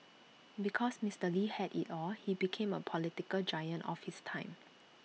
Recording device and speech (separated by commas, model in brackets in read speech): mobile phone (iPhone 6), read sentence